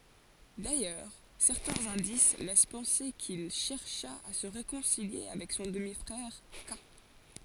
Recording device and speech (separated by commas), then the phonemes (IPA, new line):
forehead accelerometer, read sentence
dajœʁ sɛʁtɛ̃z ɛ̃dis lɛs pɑ̃se kil ʃɛʁʃa a sə ʁekɔ̃silje avɛk sɔ̃ dəmi fʁɛʁ ka